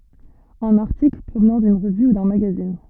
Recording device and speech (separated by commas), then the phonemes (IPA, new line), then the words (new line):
soft in-ear microphone, read sentence
œ̃n aʁtikl pʁovnɑ̃ dyn ʁəvy u dœ̃ maɡazin
Un article, provenant d'une revue ou d'un magazine.